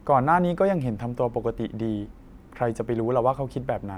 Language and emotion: Thai, neutral